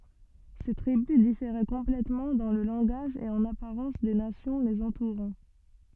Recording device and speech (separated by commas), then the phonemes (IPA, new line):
soft in-ear microphone, read sentence
se tʁibys difeʁɛ kɔ̃plɛtmɑ̃ dɑ̃ lə lɑ̃ɡaʒ e ɑ̃n apaʁɑ̃s de nasjɔ̃ lez ɑ̃tuʁɑ̃